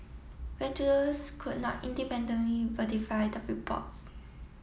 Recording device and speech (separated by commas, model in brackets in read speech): mobile phone (iPhone 7), read sentence